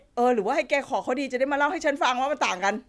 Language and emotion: Thai, happy